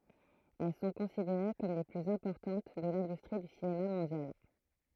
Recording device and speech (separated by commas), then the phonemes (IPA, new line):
throat microphone, read sentence
ɛl sɔ̃ kɔ̃sideʁe kɔm le plyz ɛ̃pɔʁtɑ̃t də lɛ̃dystʁi dy sinema mɔ̃djal